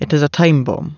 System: none